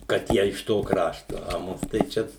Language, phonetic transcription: Lithuanian, kad ˈjie iš ˈto ˈkrašto a ˈmus tai ˈčia

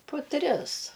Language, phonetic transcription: Lithuanian, pu ˈtris

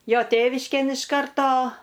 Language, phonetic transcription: Lithuanian, ˈjo ˈtėviškėn iš ˈkarto

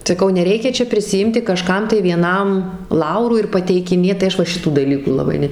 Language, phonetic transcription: Lithuanian, saˈkau neˈreikia ˈčia prisiˈimti kaˈžkam tai vieˈnam ˈlaurų ir pateikiˈnėt tai ˈaš va ˈšitų daˈlykų laˈbai ˈne

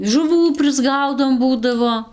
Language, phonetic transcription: Lithuanian, žuˈvų prisˈgaudom ˈbūdavo

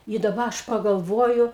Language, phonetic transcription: Lithuanian, i daˈba ˈaš pagalˈvoju

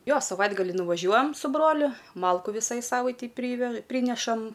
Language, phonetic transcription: Lithuanian, ˈjo saˈvaitgalį nuvaˈžiuojam su ˈbroliu ˈmalku ˈvisai ˈsavaitei ˈpryvež ˈprynešam

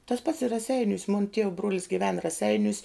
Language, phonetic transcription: Lithuanian, tas pats i raˈseiniūs mun tiev bruol's giˈven raˈseiniūs

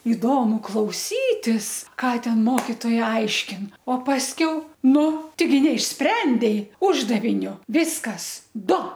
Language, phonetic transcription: Lithuanian, iˈdomu klauˈsytis ˈką ˈten ˈmokitoja ˈaiškin o pasˈkiau ˈnu teiˈgi neišˈsprendei ˈuždavinio ˈviskas ˈdu

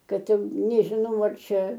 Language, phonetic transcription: Lithuanian, ˈkad ˈjau nežiˈnau ar ˈčia

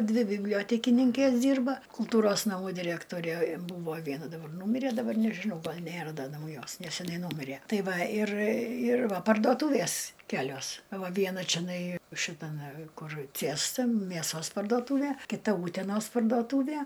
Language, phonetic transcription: Lithuanian, ˈdvi bibˈliotekininkės ˈdyrba kulˈtūros naˈmų diˈrektorė ˈbūvo ˈviena daˈbar ˈnūmire daˈbar nežiˈnau ˈgal ˈnėra ˈda nauˈjos neseˈnai ˈnūmirė ˈtai ˈva ˈir ir ˈva pardoˈtūvės ˈkelios a ˈva ˈviena čeˈnai šitaˈme ˈkur ˈciesta mėˈsos parduoˈtūvė kiˈta ˈūtenos parduoˈtūvie

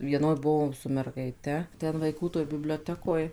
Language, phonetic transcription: Lithuanian, ˈvienoj ˈbuvom su mergaiˈte ten vaiˈkų toj biblioˈtekoj

